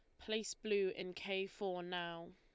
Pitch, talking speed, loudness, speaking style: 190 Hz, 165 wpm, -42 LUFS, Lombard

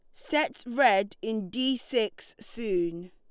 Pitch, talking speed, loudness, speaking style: 220 Hz, 125 wpm, -28 LUFS, Lombard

